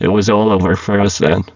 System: VC, spectral filtering